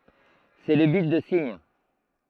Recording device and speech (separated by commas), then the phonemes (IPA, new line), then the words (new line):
throat microphone, read sentence
sɛ lə bit də siɲ
C'est le bit de signe.